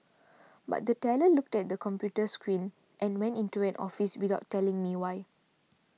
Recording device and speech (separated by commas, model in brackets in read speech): mobile phone (iPhone 6), read sentence